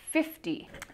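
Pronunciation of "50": In 'fifty', the t is said as a d sound.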